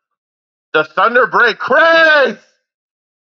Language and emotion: English, disgusted